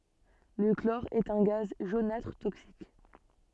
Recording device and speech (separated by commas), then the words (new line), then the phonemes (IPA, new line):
soft in-ear microphone, read sentence
Le chlore est un gaz jaunâtre toxique.
lə klɔʁ ɛt œ̃ ɡaz ʒonatʁ toksik